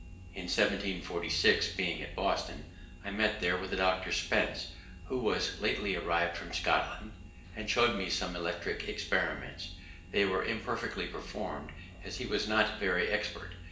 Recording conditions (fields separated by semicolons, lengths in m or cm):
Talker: one person; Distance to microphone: 1.8 m; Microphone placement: close; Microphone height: 1.0 m; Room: large; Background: none